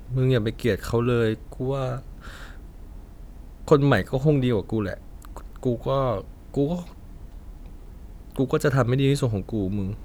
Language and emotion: Thai, neutral